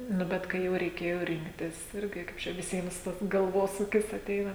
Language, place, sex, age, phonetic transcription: Lithuanian, Žemaitija, female, 18-60, nu ˈbet ˈkai jau reiˈkėjo ˈrinktis ˈirgi ˈkaip čia viˈsiems ˈtas galˈvosūkis aˈteina

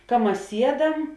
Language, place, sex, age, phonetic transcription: Lithuanian, Žemaitija, female, 18-60, ka ˈmas ˈsieˌdam

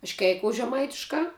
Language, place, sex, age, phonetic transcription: Lithuanian, Žemaitija, female, 18-60, aš ˈkeikous žeˈmaitiškā

